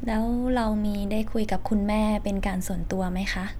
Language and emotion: Thai, neutral